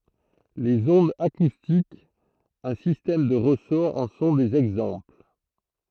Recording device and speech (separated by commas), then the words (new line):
throat microphone, read sentence
Les ondes acoustiques, un système de ressort en sont des exemples.